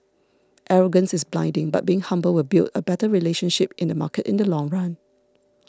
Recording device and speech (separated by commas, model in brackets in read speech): standing microphone (AKG C214), read sentence